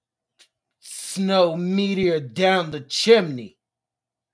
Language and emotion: English, disgusted